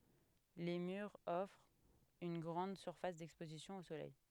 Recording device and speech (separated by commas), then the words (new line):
headset microphone, read sentence
Les murs offrent une grande surface d'exposition au soleil.